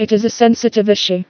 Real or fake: fake